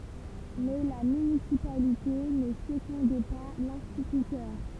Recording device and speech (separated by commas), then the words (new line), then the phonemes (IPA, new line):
temple vibration pickup, read sentence
Mais la municipalité ne secondait pas l'instituteur.
mɛ la mynisipalite nə səɡɔ̃dɛ pa lɛ̃stitytœʁ